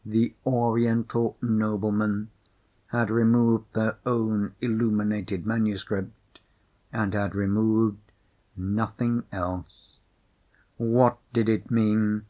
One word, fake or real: real